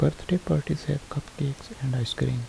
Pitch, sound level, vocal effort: 140 Hz, 70 dB SPL, soft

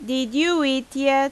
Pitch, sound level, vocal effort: 275 Hz, 89 dB SPL, very loud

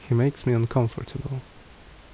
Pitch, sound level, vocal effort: 120 Hz, 69 dB SPL, normal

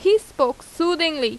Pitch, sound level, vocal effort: 345 Hz, 87 dB SPL, loud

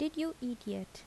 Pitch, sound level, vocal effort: 245 Hz, 76 dB SPL, soft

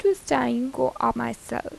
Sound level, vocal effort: 84 dB SPL, soft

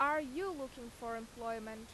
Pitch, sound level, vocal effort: 235 Hz, 92 dB SPL, very loud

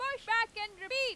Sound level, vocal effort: 104 dB SPL, very loud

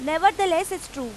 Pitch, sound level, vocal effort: 335 Hz, 96 dB SPL, very loud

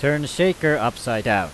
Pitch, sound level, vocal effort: 140 Hz, 94 dB SPL, very loud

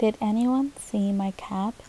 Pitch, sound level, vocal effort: 215 Hz, 75 dB SPL, soft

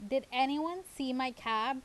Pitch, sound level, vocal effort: 265 Hz, 88 dB SPL, loud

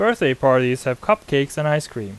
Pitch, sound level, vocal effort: 135 Hz, 90 dB SPL, normal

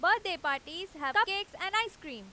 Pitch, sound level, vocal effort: 365 Hz, 99 dB SPL, very loud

